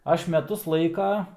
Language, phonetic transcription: Lithuanian, ˈaš meˈtus ˈlaika

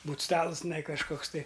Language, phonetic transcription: Lithuanian, ˈbūt ˈstalus tiˈnai kažˈkoks tai

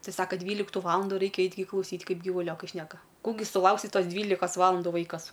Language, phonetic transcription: Lithuanian, ˈtai ˈsaka ˈdvyliktu ˈvalanduˈ raikia ˈait' gi klauˈsyt' ˈkaip gyvuˈliokai ˈšneka ˈkų gi suˈlauksi ˈtos ˈdvylikas ˈvalandu ˈvaikas

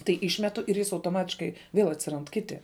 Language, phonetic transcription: Lithuanian, tai ˈišmetu ir ˈjis autoˈmatiškai viel atsiˈrand ˈkiti

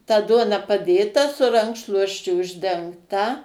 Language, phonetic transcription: Lithuanian, ta ˈduona paˈdėta su ˈrankšluosčiu uždengˈta

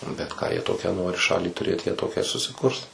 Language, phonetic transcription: Lithuanian, nu bet ką jie ˈtokią ˈnori ˈšalį tuˈrėt ˈjie ˈtokią ir susiˈkurs

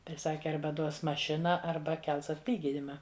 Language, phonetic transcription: Lithuanian, tai ˈsaki ˈarba ˈduos maˈšina ˈarba ˈkels atˈlyginima

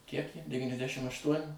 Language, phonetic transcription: Lithuanian, kiek jai devyniasˈdešim ašˈtuoni

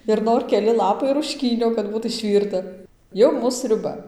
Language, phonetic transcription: Lithuanian, ir ˈnor keˈli ˈlapai rušˈkynio kad ˈbūt išˈvyrta ˈjau ˈmūs sriuˈba

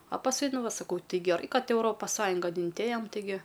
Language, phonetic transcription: Lithuanian, a pasˈkui ˈnu ˈva saˈkau ˈti geˈrai ˈkad euˈropas ˈsąjungan inˈtėjam tiˈgi

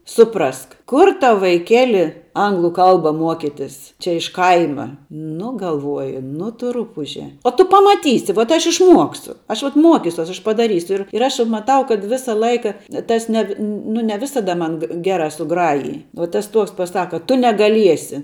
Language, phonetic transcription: Lithuanian, ˈsuprask ˈkur ˈtau vaiˈkeli ˈanglu ˈkalba ˈmuokitis čia iš ˈkaima ˈnu galˈvuoju ˈnu ˈtu ˈrupuže o ˈtu pamaˈtysi vot ˈaš išˈmuoksiu ˈaš vat ˈmuokisiuos aš padaˈrysiu ˈir ir aš maˈtau kad ˈvisa ˈlaika ˈtas ne vi ˈnu ne ˈvisada ˈman gė ˈgera suˈgrajij uo ˈtas ˈtuoks paˈsaka ˈtu negalˈiesi

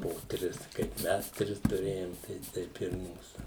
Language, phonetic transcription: Lithuanian, po ˈtris kaip ˈmes ˈtris tuˈrėjom tai ˈteip ir ˈmūsu

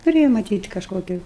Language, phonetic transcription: Lithuanian, tuˈrėja maˈtyt kažˈkokiu

